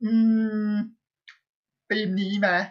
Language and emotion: Thai, neutral